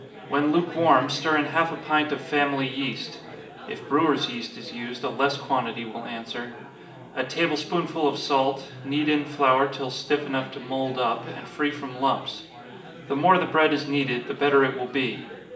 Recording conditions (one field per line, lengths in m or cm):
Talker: one person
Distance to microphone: 1.8 m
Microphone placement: close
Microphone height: 1.0 m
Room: large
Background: babble